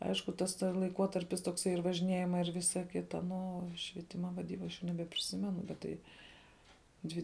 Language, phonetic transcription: Lithuanian, ˈaišku tas ˈta laiˈkuotarpis tokˈsai ir važiˈniejimai ir ˈvisa ˈkita nu o švieˈtima vaˈdyba aš nebepriˈsimenu bet ˈtai ˈdvi

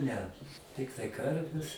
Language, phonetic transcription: Lithuanian, ne ˈtiktai ˈkarves

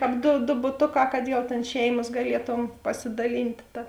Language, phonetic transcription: Lithuanian, ˈkāp do do buˈtoˌkā kad jau ˈtėn ˈšeimas gaˈlieˌtom pasidaˈlynt' ˈta

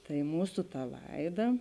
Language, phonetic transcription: Lithuanian, tai ˈmūsu ta ˈlaiˌda

